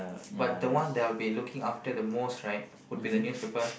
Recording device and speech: boundary microphone, conversation in the same room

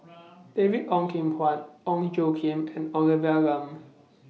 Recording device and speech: mobile phone (iPhone 6), read sentence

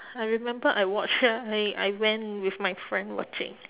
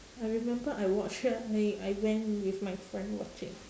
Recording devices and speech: telephone, standing microphone, conversation in separate rooms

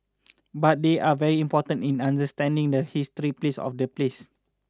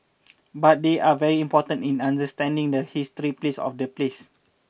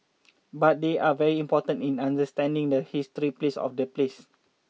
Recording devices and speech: standing microphone (AKG C214), boundary microphone (BM630), mobile phone (iPhone 6), read sentence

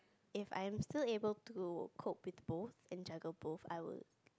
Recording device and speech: close-talking microphone, conversation in the same room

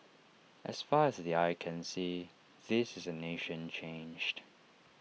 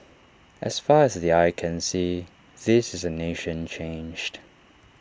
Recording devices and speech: mobile phone (iPhone 6), standing microphone (AKG C214), read sentence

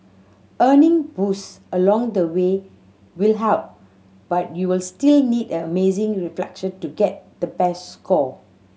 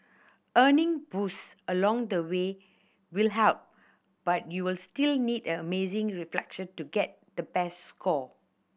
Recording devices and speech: mobile phone (Samsung C7100), boundary microphone (BM630), read sentence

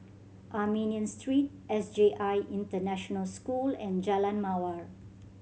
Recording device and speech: mobile phone (Samsung C7100), read sentence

